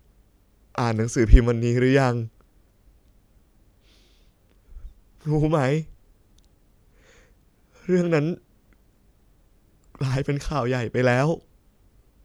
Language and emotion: Thai, sad